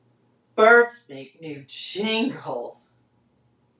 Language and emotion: English, disgusted